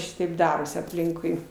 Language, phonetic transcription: Lithuanian, ˈšitaip ˈdarosi apˈlinkui

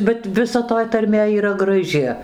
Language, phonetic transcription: Lithuanian, bet viˈsa toj tarˈmė yˈra graˈži

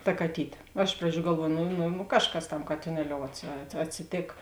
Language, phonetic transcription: Lithuanian, ta kaˈtytė nu ˈiš praˌdžių galˈvuoju nu nu nu ˈkažˌkas tam katiˈneliou atsi at atsiˈtėk

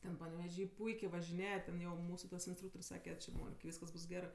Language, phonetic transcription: Lithuanian, ˈten paneveˈžy ˈpuikė važiˈnėja ten ˈjau ˈmūsu tas insˈtrūktor's' ˈsake či ˈmonik ˈvyskas ˈbus ˈgerɜ

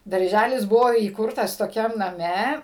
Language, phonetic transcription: Lithuanian, darˈžælis ˈbuvo įˈkurtas toˈkiam naˈme

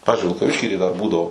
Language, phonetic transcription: Lithuanian, ˈpavizdžiui vilkaˈvišky tai dar ˈbūdavo

